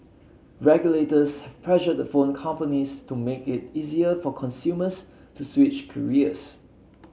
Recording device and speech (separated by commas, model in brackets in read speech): mobile phone (Samsung C7), read sentence